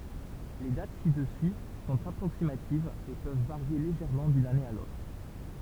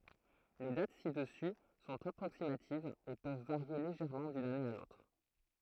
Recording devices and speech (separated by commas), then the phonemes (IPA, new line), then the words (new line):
temple vibration pickup, throat microphone, read sentence
le dat sidəsy sɔ̃t apʁoksimativz e pøv vaʁje leʒɛʁmɑ̃ dyn ane a lotʁ
Les dates ci-dessus sont approximatives et peuvent varier légèrement d'une année à l'autre.